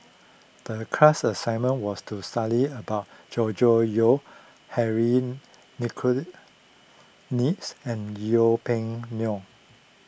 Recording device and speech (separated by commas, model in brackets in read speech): boundary microphone (BM630), read sentence